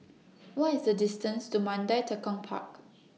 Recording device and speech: mobile phone (iPhone 6), read sentence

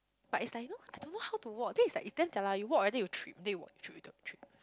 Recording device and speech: close-talking microphone, conversation in the same room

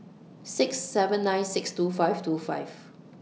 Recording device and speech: mobile phone (iPhone 6), read sentence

